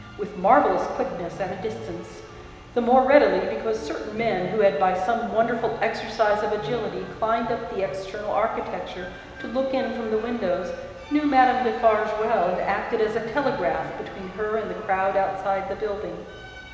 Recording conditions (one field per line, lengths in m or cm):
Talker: one person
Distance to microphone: 1.7 m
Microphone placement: close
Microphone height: 1.0 m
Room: very reverberant, large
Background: music